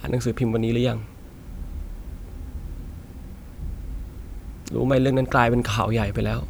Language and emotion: Thai, sad